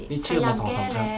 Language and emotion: Thai, neutral